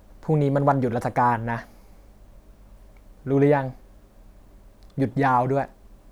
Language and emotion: Thai, frustrated